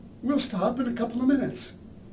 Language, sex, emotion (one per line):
English
male
neutral